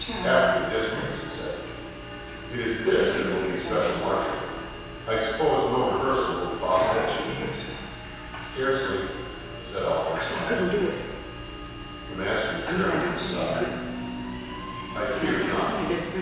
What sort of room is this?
A large, echoing room.